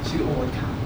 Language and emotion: Thai, neutral